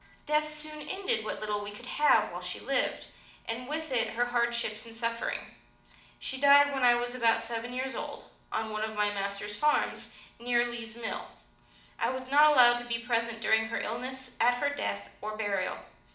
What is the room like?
A mid-sized room (about 5.7 m by 4.0 m).